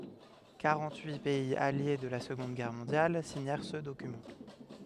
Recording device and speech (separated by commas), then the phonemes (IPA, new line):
headset microphone, read sentence
kaʁɑ̃t yi pɛiz alje də la səɡɔ̃d ɡɛʁ mɔ̃djal siɲɛʁ sə dokymɑ̃